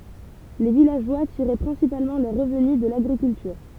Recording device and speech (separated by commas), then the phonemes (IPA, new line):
temple vibration pickup, read sentence
le vilaʒwa tiʁɛ pʁɛ̃sipalmɑ̃ lœʁ ʁəvny də laɡʁikyltyʁ